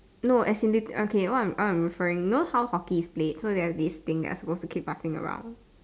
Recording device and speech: standing microphone, conversation in separate rooms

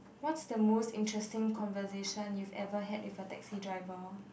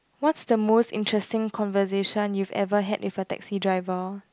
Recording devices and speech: boundary microphone, close-talking microphone, conversation in the same room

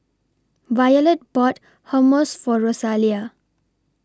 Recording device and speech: standing microphone (AKG C214), read sentence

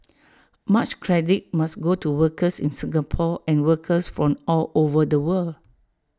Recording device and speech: standing microphone (AKG C214), read sentence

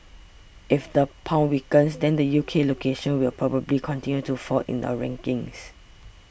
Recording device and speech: boundary microphone (BM630), read sentence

